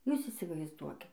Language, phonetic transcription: Lithuanian, ˈjūs įsivaizˈduoki

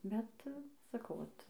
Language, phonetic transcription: Lithuanian, ˈbet saˈkau ˈvat

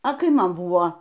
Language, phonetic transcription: Lithuanian, a ˈkai ˈman ˈbuvo

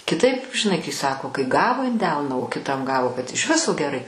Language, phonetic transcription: Lithuanian, kiˈtaip žiˈnai kai ˈsako kai ˈgavo in ˈdelna o kiˈtam ˈgavo kad iš ˈviso geˈrai

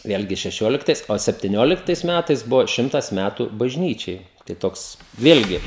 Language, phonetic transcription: Lithuanian, ˈvėlgi šeˈšioliktais o septiˈnioliktais ˈmætais ˈbuvo ˈšimtas ˈmætu bažˈnyčiai tai ˈtoks ˈvėlgi

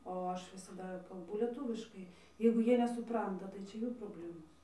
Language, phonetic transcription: Lithuanian, o ˈaš visaˈda kalˈbu lieˈtūviškai jeigu ˈjie nesuˈpranta tai ˈčia ˈjų proˈblemos

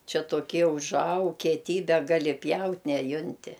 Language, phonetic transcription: Lithuanian, ˈčia toˈkie užˈaug kieˈtybe ˈgali ˈpjaut' neˈjunti

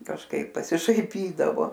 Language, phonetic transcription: Lithuanian, kažˈkaip pasišaiˈpydavo

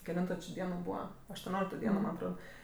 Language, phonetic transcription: Lithuanian, keˈlinto či ˈdieno ˈbūva aštuoˈniolikto ˈdieno man' atˈrod

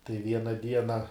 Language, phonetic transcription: Lithuanian, tai ˈviena ˈdiena

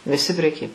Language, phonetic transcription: Lithuanian, viˈsi preˈky

